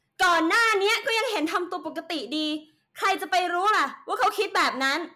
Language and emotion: Thai, angry